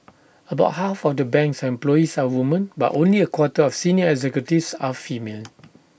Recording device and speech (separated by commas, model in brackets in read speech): boundary microphone (BM630), read sentence